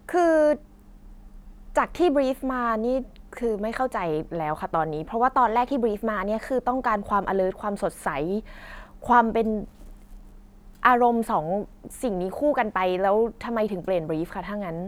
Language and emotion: Thai, frustrated